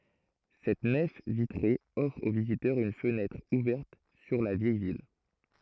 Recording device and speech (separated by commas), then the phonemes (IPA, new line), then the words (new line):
throat microphone, read sentence
sɛt nɛf vitʁe ɔfʁ o vizitœʁz yn fənɛtʁ uvɛʁt syʁ la vjɛj vil
Cette nef vitrée offre aux visiteurs une fenêtre ouverte sur la vieille ville.